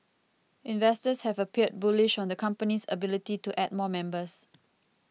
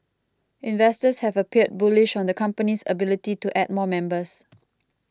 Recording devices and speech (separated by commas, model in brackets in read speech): mobile phone (iPhone 6), close-talking microphone (WH20), read sentence